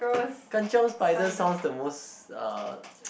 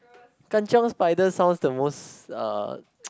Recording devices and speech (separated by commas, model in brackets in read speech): boundary microphone, close-talking microphone, conversation in the same room